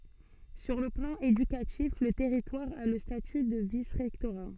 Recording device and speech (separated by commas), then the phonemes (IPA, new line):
soft in-ear microphone, read sentence
syʁ lə plɑ̃ edykatif lə tɛʁitwaʁ a lə staty də visʁɛktoʁa